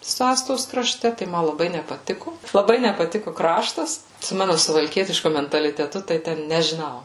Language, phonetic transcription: Lithuanian, su ˈastos kraˈšte tai ˈma laˈbai nepaˈtiku laˈbai nepaˈtiku ˈkraštas su ˈmanu suvalˈkietišku mentaliteˈtu tai ˈten nežiˈnau

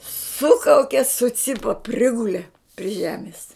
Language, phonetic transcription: Lithuanian, ˈsukauke suˈcipa ˈprigule pri ˈžemis

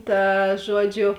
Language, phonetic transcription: Lithuanian, ˈta ˈžuoˌdžiu

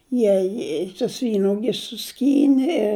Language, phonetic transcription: Lithuanian, ˈjie i tus ˈvynuogis suˈskyni i

